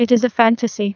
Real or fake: fake